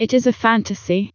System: TTS, vocoder